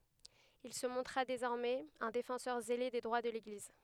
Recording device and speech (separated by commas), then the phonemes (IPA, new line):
headset microphone, read sentence
il sə mɔ̃tʁa dezɔʁmɛz œ̃ defɑ̃sœʁ zele de dʁwa də leɡliz